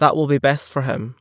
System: none